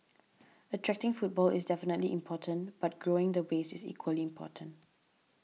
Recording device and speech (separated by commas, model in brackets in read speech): mobile phone (iPhone 6), read sentence